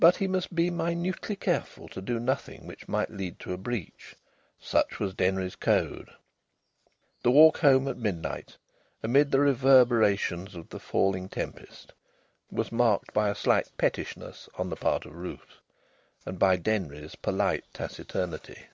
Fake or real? real